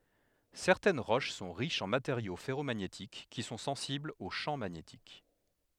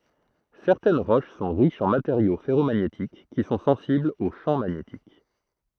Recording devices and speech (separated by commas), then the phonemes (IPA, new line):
headset microphone, throat microphone, read sentence
sɛʁtɛn ʁoʃ sɔ̃ ʁiʃz ɑ̃ mateʁjo fɛʁomaɲetik ki sɔ̃ sɑ̃siblz o ʃɑ̃ maɲetik